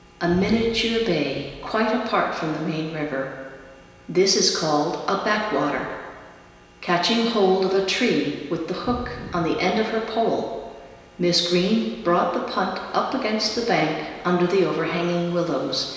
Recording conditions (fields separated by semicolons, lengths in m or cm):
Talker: one person; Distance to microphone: 1.7 m; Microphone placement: close; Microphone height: 1.0 m; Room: very reverberant, large; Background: none